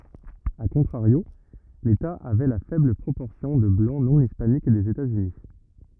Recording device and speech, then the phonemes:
rigid in-ear microphone, read sentence
a kɔ̃tʁaʁjo leta avɛ la fɛbl pʁopɔʁsjɔ̃ də blɑ̃ nɔ̃ ispanik dez etazyni

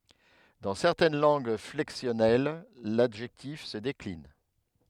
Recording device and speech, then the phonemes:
headset microphone, read sentence
dɑ̃ sɛʁtɛn lɑ̃ɡ flɛksjɔnɛl ladʒɛktif sə deklin

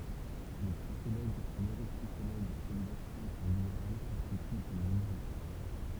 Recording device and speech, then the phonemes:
temple vibration pickup, read sentence
le psikoloɡ nøʁopsikoloɡz ɛɡzɛʁsɑ̃ ɑ̃ libeʁal kɔ̃stityt yn minoʁite

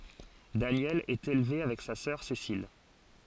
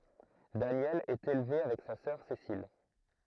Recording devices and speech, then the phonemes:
forehead accelerometer, throat microphone, read sentence
danjɛl ɛt elve avɛk sa sœʁ sesil

